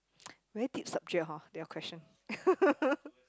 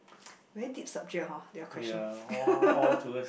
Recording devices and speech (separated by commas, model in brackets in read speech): close-talking microphone, boundary microphone, conversation in the same room